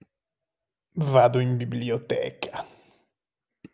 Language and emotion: Italian, disgusted